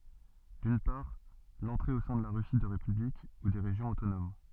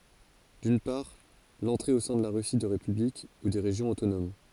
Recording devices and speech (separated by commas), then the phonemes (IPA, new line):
soft in-ear microphone, forehead accelerometer, read sentence
dyn paʁ lɑ̃tʁe o sɛ̃ də la ʁysi də ʁepyblik u de ʁeʒjɔ̃z otonom